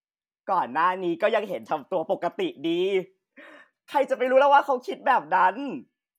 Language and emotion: Thai, happy